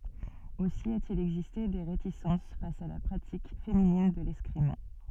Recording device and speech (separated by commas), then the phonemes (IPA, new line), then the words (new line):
soft in-ear microphone, read sentence
osi a te il ɛɡziste de ʁetisɑ̃s fas a la pʁatik feminin də lɛskʁim
Aussi a-t-il existé des réticences face à la pratique féminine de l'escrime.